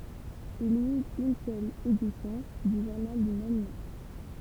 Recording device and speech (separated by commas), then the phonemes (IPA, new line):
temple vibration pickup, read sentence
il i yt yn sœl edisjɔ̃ dy ʒuʁnal dy mɛm nɔ̃